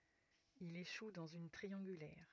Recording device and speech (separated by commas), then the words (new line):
rigid in-ear microphone, read sentence
Il échoue dans une triangulaire.